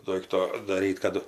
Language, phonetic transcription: Lithuanian, ˈdoikto daˈryt kaˈdu

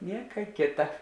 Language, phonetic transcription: Lithuanian, ˈnieka ˈkėta

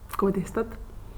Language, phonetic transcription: Lithuanian, ˈko ˈdėstat

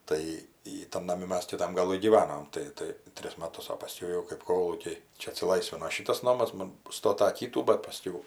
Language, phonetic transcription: Lithuanian, ˈtai ˈjy tan naˈmi ˈmes kiˈtam gaˈlɨ gyˈvanom tai ˈtai ˈtris maˈtus o paˈskiau jau kɜp ˈkolūkiai ˈčia atsiˈlaisvino ˈšytas ˈnomas ˈmon ˈstota ˈkytų bat paˈskiau

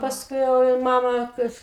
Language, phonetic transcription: Lithuanian, pasˈkui jau i ˈmama kaip

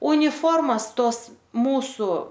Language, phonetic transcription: Lithuanian, uniˈformas ˈtos ˈmūsu

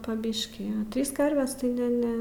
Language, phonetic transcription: Lithuanian, pa ˈbiškį a ˈtrys ˈkarves tai ˈne ˈne

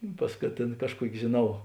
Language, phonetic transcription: Lithuanian, i ˈpas ka ˈtėn ˈkažˌkuoki žėˈnau

